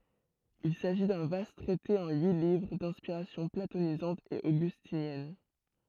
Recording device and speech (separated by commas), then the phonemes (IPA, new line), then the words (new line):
throat microphone, read sentence
il saʒi dœ̃ vast tʁɛte ɑ̃ yi livʁ dɛ̃spiʁasjɔ̃ platonizɑ̃t e oɡystinjɛn
Il s'agit d'un vaste traité en huit livres, d'inspiration platonisante et augustinienne.